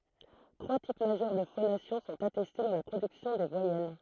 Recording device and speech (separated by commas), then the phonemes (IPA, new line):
throat microphone, read sentence
tʁwa tip maʒœʁ də fonasjɔ̃ sɔ̃t atɛste dɑ̃ la pʁodyksjɔ̃ de vwajɛl